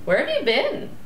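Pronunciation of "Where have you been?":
'Where have you been?' is asked with a rising intonation.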